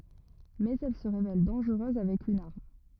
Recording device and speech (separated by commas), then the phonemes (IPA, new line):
rigid in-ear microphone, read sentence
mɛz ɛl sə ʁevɛl dɑ̃ʒʁøz avɛk yn aʁm